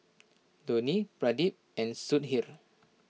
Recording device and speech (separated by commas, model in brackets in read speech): mobile phone (iPhone 6), read sentence